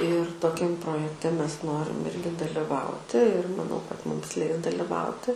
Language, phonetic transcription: Lithuanian, ir toˈkiam projekˈte ˈmes ˈnorim ˈirgi daliˈvauti ir maˈnau kad ˈmums ˈleis daliˈvauti

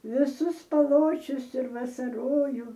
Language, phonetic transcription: Lithuanian, viˈsus paˈločius ir vasarˈojų

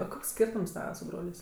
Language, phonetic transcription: Lithuanian, o ˈkoks ˈskyrtums ˈtava su ˈbrolės'

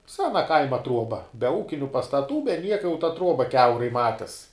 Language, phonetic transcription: Lithuanian, ˈsena ˈkaima ˈtruoba be ˈūkiniu pastaˈtų be ˈnieka jau ta ˈtruoba ˈkiaurai ˈmatis

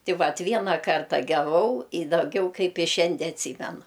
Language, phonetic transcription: Lithuanian, ˈti ˈvat ˈviena ˈkarta geˈvau i daˈgiau ˈkaip i ˈšiandie atˈsymenu

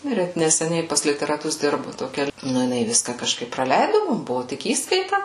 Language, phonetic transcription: Lithuanian, ˈnu ir ˈet neseˈniai pas literaˈtus ˈdirbu toˈkia ˈnu jiˈnai ˈviska kažˈkaip praˈleidu ˈmum ˈbuvu ˈtik ˈįskaita

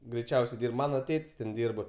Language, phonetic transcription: Lithuanian, greiˈčiausiai ˈdyrb ˈmano ˈtėt's' ten ˈdyrb

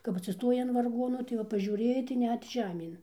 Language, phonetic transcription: Lithuanian, kap atsiˈstojai an varˈgonu tai ˈva pažiūˈrėjai tai ˈnet ˈžemėn

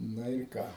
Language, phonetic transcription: Lithuanian, ˈna ir ˈka

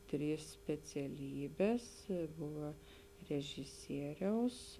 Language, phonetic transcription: Lithuanian, ˈtrys speciaˈlybės ˈbuva režiˈsieriaus

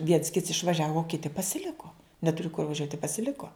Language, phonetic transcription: Lithuanian, ˈviens ˈkits išvaˈžiavo o ˈkiti pasiˈliko neˈturi kur vaˈžiuot' i pasiˈliko

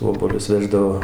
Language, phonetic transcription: Lithuanian, ˈobuolius ˈveždavo

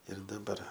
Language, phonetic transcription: Lithuanian, ir daˈbar

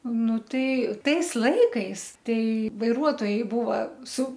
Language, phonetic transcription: Lithuanian, ˈnu ˈtai ˈtais ˈlaikais ˈtai vaiˈruotojai ˈbūva su

